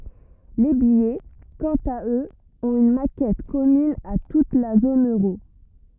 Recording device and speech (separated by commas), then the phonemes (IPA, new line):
rigid in-ear microphone, read sentence
le bijɛ kɑ̃t a øz ɔ̃t yn makɛt kɔmyn a tut la zon øʁo